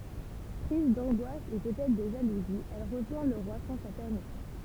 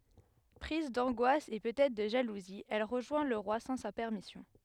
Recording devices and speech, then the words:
temple vibration pickup, headset microphone, read sentence
Prise d'angoisse et peut être de jalousie, elle rejoint le roi sans sa permission.

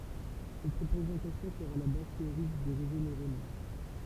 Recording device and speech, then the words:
temple vibration pickup, read sentence
Cette représentation sera la base théorique des réseaux neuronaux.

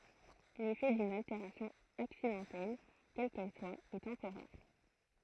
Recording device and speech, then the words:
throat microphone, read sentence
L'effet d'une altération accidentelle, quelle qu'elle soit, est temporaire.

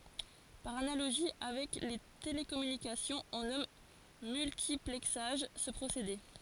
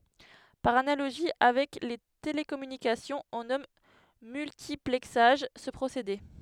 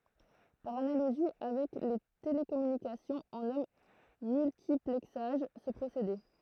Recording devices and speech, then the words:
forehead accelerometer, headset microphone, throat microphone, read sentence
Par analogie avec les télécommunications, on nomme multiplexage ce procédé.

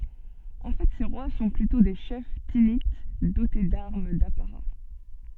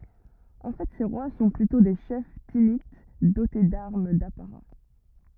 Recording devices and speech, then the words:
soft in-ear microphone, rigid in-ear microphone, read sentence
En fait ces rois sont plutôt des chefs Thinites, dotés d'armes d'apparat.

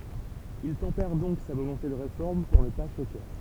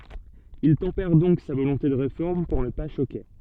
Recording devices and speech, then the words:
temple vibration pickup, soft in-ear microphone, read sentence
Il tempère donc sa volonté de Réforme pour ne pas choquer.

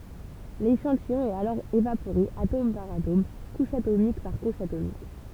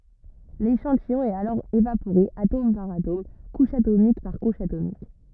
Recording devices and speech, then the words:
temple vibration pickup, rigid in-ear microphone, read sentence
L'échantillon est alors évaporé atome par atome, couche atomique par couche atomique.

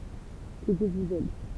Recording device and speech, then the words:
temple vibration pickup, read sentence
Que Dieu vous aide.

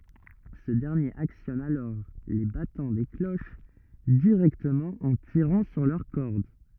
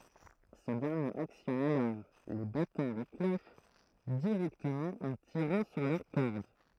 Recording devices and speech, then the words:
rigid in-ear microphone, throat microphone, read sentence
Ce dernier actionne alors les battants des cloches directement en tirant sur leurs cordes.

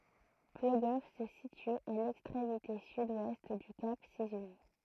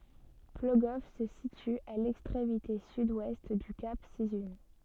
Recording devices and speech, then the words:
throat microphone, soft in-ear microphone, read sentence
Plogoff se situe à l'extrémité sud-ouest du Cap Sizun.

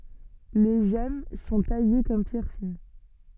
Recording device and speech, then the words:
soft in-ear microphone, read sentence
Les gemmes sont taillées comme pierres fines.

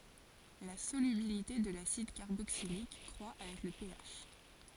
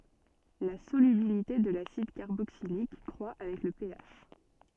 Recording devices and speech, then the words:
forehead accelerometer, soft in-ear microphone, read sentence
La solubilité de l'acide carboxylique croit avec le pH.

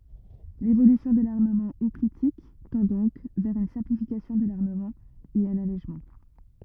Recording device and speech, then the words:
rigid in-ear microphone, read sentence
L'évolution de l'armement hoplitique tend donc vers une simplification de l'armement et un allègement.

